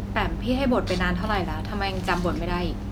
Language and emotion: Thai, neutral